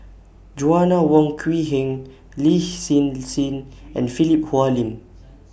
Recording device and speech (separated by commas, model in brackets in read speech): boundary microphone (BM630), read sentence